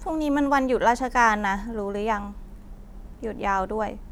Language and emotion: Thai, frustrated